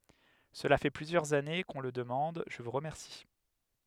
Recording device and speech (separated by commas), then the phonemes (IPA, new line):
headset microphone, read sentence
səla fɛ plyzjœʁz ane kə ɔ̃ lə dəmɑ̃d ʒə vu ʁəmɛʁsi